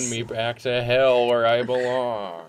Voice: silly voice